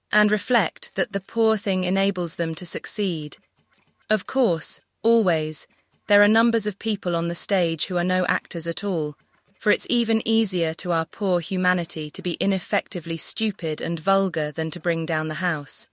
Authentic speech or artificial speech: artificial